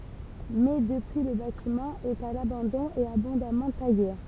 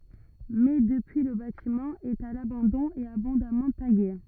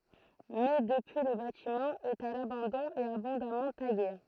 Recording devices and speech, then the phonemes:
temple vibration pickup, rigid in-ear microphone, throat microphone, read sentence
mɛ dəpyi lə batimɑ̃ ɛt a labɑ̃dɔ̃ e abɔ̃damɑ̃ taɡe

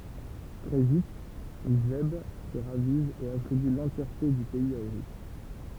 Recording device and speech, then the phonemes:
temple vibration pickup, read sentence
tʁɛ vit ʒɛb sə ʁaviz e atʁiby lɑ̃tjɛʁte dy pɛiz a oʁys

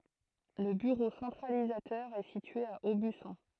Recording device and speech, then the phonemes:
throat microphone, read sentence
lə byʁo sɑ̃tʁalizatœʁ ɛ sitye a obysɔ̃

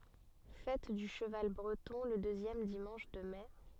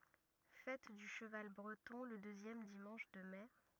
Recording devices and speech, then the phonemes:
soft in-ear microphone, rigid in-ear microphone, read sentence
fɛt dy ʃəval bʁətɔ̃ lə døzjɛm dimɑ̃ʃ də mɛ

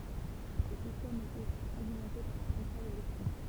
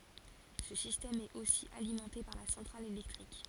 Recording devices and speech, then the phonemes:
temple vibration pickup, forehead accelerometer, read sentence
sə sistɛm ɛt osi alimɑ̃te paʁ la sɑ̃tʁal elɛktʁik

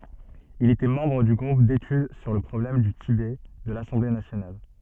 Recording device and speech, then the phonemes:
soft in-ear microphone, read sentence
il etɛ mɑ̃bʁ dy ɡʁup detyd syʁ lə pʁɔblɛm dy tibɛ də lasɑ̃ble nasjonal

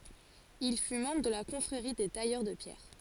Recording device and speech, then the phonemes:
forehead accelerometer, read sentence
il fy mɑ̃bʁ də la kɔ̃fʁeʁi de tajœʁ də pjɛʁ

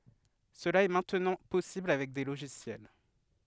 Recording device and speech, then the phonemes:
headset microphone, read sentence
səla ɛ mɛ̃tnɑ̃ pɔsibl avɛk de loʒisjɛl

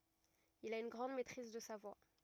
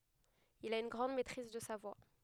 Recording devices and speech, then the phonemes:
rigid in-ear microphone, headset microphone, read sentence
il a yn ɡʁɑ̃d mɛtʁiz də sa vwa

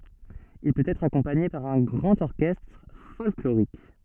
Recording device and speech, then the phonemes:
soft in-ear microphone, read sentence
il pøt ɛtʁ akɔ̃paɲe paʁ œ̃ ɡʁɑ̃t ɔʁkɛstʁ fɔlkloʁik

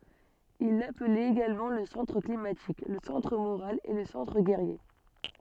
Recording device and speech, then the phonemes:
soft in-ear microphone, read sentence
il laplɛt eɡalmɑ̃ lə sɑ̃tʁ klimatik lə sɑ̃tʁ moʁal e lə sɑ̃tʁ ɡɛʁje

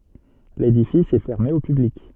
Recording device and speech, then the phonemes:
soft in-ear microphone, read sentence
ledifis ɛ fɛʁme o pyblik

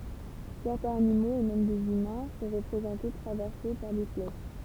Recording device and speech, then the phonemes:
temple vibration pickup, read sentence
sɛʁtɛ̃z animoz e mɛm dez ymɛ̃ sɔ̃ ʁəpʁezɑ̃te tʁavɛʁse paʁ de flɛʃ

